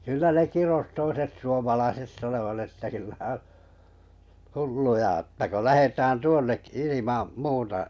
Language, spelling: Finnish, kyllä ne kirosi toiset suomalaiset sanoivat että kyllä on hulluja että kun lähdetään tuonnekin ilman muuta
- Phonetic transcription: kyllä 'ne 'kiros 'toiset suomalaiset 'sanovat että kyllä on̬ , "hulluja əttä ko 'lähetään "tuonnekkɪ 'ilimam 'muuta ,.

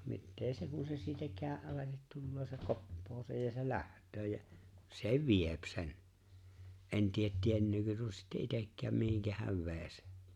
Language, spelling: Finnish, no mitä se kun se siitä käden alitse tulee se koppaa sen ja se lähtee ja se vie sen en tiedä tietääkö tuo sitten itsekään mihin hän vei sen
- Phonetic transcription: (no) 'mittee 'se kun̬ se siitä 'kä̀e’ ’alatet 'tulolo se "koppoo sej ja se "läht̀öö jä , "se "viep sen , '’en 'tiet 'tiennöökö tuo sitte '’itekkääm 'mihiŋkä häv "ve̬e̬ⁱ Sᴇ .

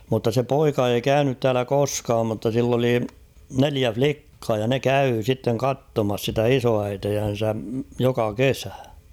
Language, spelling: Finnish, mutta se poika ei käynyt täällä koskaan mutta sillä oli neljä likkaa ja ne kävi sitten katsomassa sitä isoäitiänsä joka kesä
- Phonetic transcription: mutta se 'poika ei "käynyt täälä 'koskaam mutta sill ‿oli 'neliä "flikkaa ja ne "käy sitteŋ "kattomas sitä "isoäitejän̬sä , 'joka "kesä .

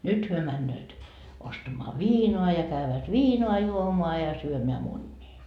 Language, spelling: Finnish, nyt he menevät ostamaan viinaa ja käyvät viinaa juomaan ja syömään munia
- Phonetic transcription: "nyt hyö männööt , 'ostamoa "viinoa ja 'käyvät "viinoa 'juomoa ja syömeä 'munnii .

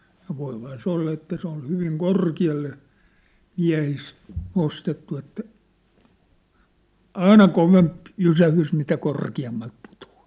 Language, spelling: Finnish, ja voihan se olla että se on hyvin korkealle miehissä nostettu että aina kovempi jysähdys mitä korkeammalta putoaa
- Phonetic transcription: ja voiphaa se 'olla että se ‿on 'hyviŋ "korki₍alle , 'miä̭his , 'nostettu että , "aina "kovemp , "jysähys mitä "korki₍ammalt 'putᴜ₍ᴀᴀ .

